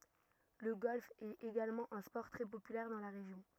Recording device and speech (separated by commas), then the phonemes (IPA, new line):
rigid in-ear microphone, read sentence
lə ɡɔlf ɛt eɡalmɑ̃ œ̃ spɔʁ tʁɛ popylɛʁ dɑ̃ la ʁeʒjɔ̃